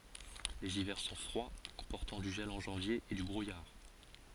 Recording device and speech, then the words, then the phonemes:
forehead accelerometer, read sentence
Les hivers sont froids, comportant du gel en janvier et du brouillard.
lez ivɛʁ sɔ̃ fʁwa kɔ̃pɔʁtɑ̃ dy ʒɛl ɑ̃ ʒɑ̃vje e dy bʁujaʁ

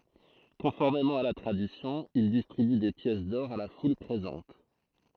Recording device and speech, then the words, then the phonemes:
throat microphone, read sentence
Conformément à la tradition, il distribue des pièces d'or à la foule présente.
kɔ̃fɔʁmemɑ̃ a la tʁadisjɔ̃ il distʁiby de pjɛs dɔʁ a la ful pʁezɑ̃t

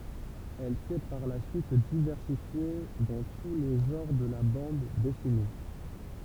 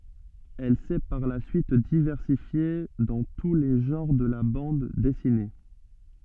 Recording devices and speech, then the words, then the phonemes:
temple vibration pickup, soft in-ear microphone, read sentence
Elle s'est par la suite diversifiée dans tous les genres de la bande dessinée.
ɛl sɛ paʁ la syit divɛʁsifje dɑ̃ tu le ʒɑ̃ʁ də la bɑ̃d dɛsine

